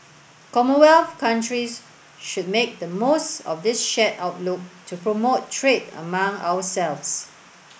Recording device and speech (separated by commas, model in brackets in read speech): boundary microphone (BM630), read sentence